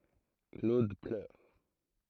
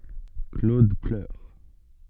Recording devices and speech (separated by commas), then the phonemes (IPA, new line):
throat microphone, soft in-ear microphone, read sentence
klod plœʁ